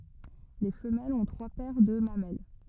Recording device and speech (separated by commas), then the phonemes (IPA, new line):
rigid in-ear microphone, read sentence
le fəmɛlz ɔ̃ tʁwa pɛʁ də mamɛl